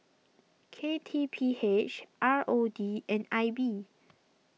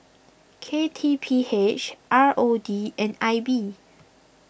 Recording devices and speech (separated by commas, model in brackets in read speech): mobile phone (iPhone 6), boundary microphone (BM630), read sentence